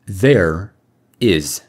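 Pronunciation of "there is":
'There is' is said in the direct pronunciation, with no extra sound added between the two words.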